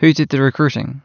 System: none